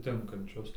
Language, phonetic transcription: Lithuanian, ˈtinkančius

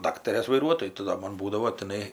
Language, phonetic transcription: Lithuanian, ˈdaktarės vaiˈruotoju tai ˈdo ˈmon ˈbūdavo tiˈnai

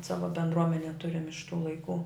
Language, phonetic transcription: Lithuanian, ˈsava bendˈruomenė ˈturim iš tų laiˈkų

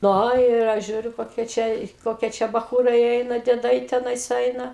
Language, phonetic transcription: Lithuanian, ˈno ir ˈaš ˈžiūriu koˈkie ˈčia ˈkokie ˈčia baˈchūrai ˈeina dieˈdai teˈnais ˈeina

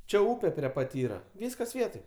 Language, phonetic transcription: Lithuanian, ˈčia ˈūpe prie ˈpat ˈyra ˈvyskas ˈvietoj

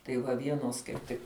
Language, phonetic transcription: Lithuanian, tai ˈva ˈvienos kaip ˈtik

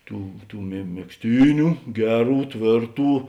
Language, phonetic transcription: Lithuanian, ˈtų tų me megzˈtyniu ˈgeˌrų ˈtvėrˌtų

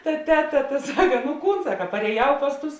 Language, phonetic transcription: Lithuanian, ta ˈteˌta ta ˈsaka nu ˈkūn ˈsaka parėˈjau ˈpas ˌtus

